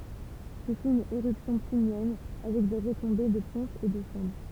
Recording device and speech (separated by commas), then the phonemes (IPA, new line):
temple vibration pickup, read sentence
sə fy yn eʁypsjɔ̃ plinjɛn avɛk de ʁətɔ̃be də pɔ̃sz e də sɑ̃dʁ